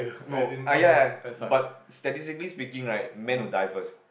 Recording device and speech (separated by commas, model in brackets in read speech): boundary microphone, conversation in the same room